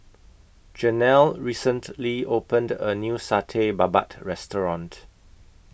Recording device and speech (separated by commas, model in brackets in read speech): boundary microphone (BM630), read sentence